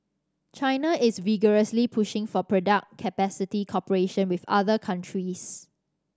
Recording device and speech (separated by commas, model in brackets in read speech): standing microphone (AKG C214), read sentence